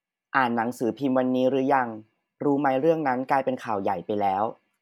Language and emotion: Thai, neutral